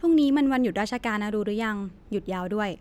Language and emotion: Thai, neutral